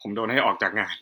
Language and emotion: Thai, sad